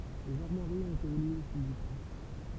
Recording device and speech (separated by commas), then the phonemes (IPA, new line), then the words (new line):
temple vibration pickup, read sentence
lez aʁmwaʁiz ɔ̃t evolye o fil dy tɑ̃
Les armoiries ont évolué au fil du temps.